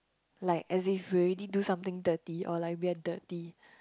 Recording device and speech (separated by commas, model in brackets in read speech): close-talking microphone, conversation in the same room